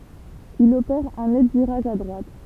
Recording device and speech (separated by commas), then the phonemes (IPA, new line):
temple vibration pickup, read sentence
il opɛʁ œ̃ nɛt viʁaʒ a dʁwat